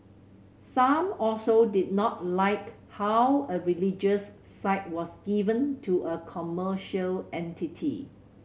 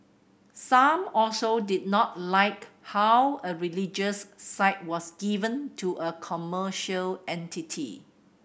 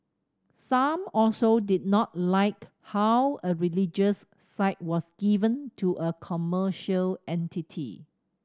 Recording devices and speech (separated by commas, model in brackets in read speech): mobile phone (Samsung C7100), boundary microphone (BM630), standing microphone (AKG C214), read sentence